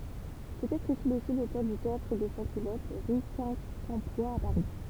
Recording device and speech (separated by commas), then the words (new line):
temple vibration pickup, read sentence
Peut-être est-il aussi l'auteur du Théâtre des Sans-Culottes, rue Quincampoix à Paris.